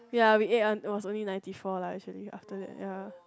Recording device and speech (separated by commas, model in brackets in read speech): close-talking microphone, conversation in the same room